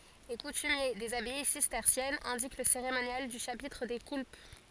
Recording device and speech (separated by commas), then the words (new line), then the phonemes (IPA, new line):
forehead accelerometer, read sentence
Les coutumiers des abbayes cisterciennes indiquent le cérémonial du chapitre des coulpes.
le kutymje dez abaj sistɛʁsjɛnz ɛ̃dik lə seʁemonjal dy ʃapitʁ de kulp